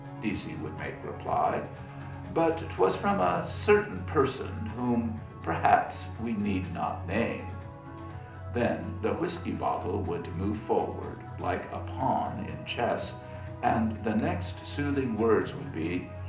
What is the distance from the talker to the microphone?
2.0 m.